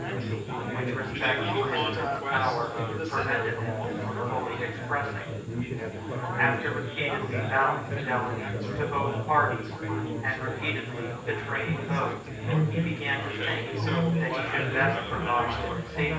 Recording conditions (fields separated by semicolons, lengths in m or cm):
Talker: one person; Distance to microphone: 9.8 m; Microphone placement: far; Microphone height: 1.8 m; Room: large; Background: babble